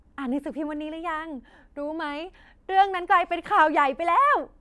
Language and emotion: Thai, happy